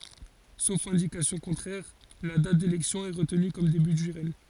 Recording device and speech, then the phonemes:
forehead accelerometer, read sentence
sof ɛ̃dikasjɔ̃ kɔ̃tʁɛʁ la dat delɛksjɔ̃ ɛ ʁətny kɔm deby dy ʁɛɲ

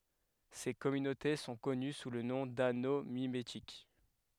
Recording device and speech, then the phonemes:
headset microphone, read sentence
se kɔmynote sɔ̃ kɔny su lə nɔ̃ dano mimetik

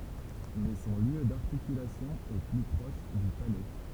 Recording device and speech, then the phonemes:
temple vibration pickup, read sentence
mɛ sɔ̃ ljø daʁtikylasjɔ̃ ɛ ply pʁɔʃ dy palɛ

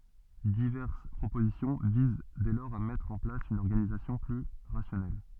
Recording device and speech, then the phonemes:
soft in-ear microphone, read sentence
divɛʁs pʁopozisjɔ̃ viz dɛ lɔʁz a mɛtʁ ɑ̃ plas yn ɔʁɡanizasjɔ̃ ply ʁasjɔnɛl

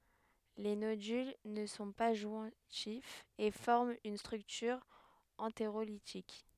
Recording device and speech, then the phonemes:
headset microphone, read sentence
le nodyl nə sɔ̃ pa ʒwɛ̃tifz e fɔʁmt yn stʁyktyʁ ɑ̃teʁolitik

